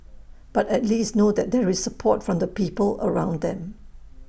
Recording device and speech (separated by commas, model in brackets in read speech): boundary microphone (BM630), read sentence